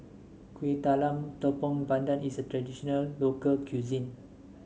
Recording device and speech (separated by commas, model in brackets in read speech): mobile phone (Samsung S8), read sentence